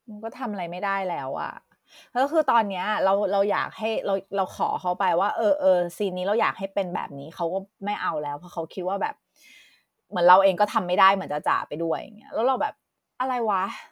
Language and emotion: Thai, frustrated